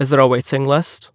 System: none